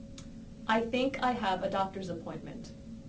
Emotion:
neutral